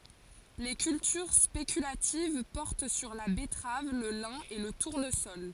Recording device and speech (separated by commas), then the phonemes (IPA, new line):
forehead accelerometer, read sentence
le kyltyʁ spekylativ pɔʁt syʁ la bɛtʁav lə lɛ̃ e lə tuʁnəsɔl